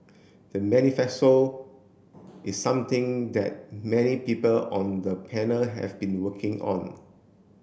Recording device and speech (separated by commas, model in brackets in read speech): boundary microphone (BM630), read sentence